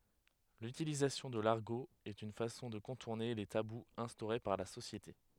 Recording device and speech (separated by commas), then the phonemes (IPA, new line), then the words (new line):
headset microphone, read sentence
lytilizasjɔ̃ də laʁɡo ɛt yn fasɔ̃ də kɔ̃tuʁne le tabuz ɛ̃stoʁe paʁ la sosjete
L'utilisation de l'argot est une façon de contourner les tabous instaurés par la société.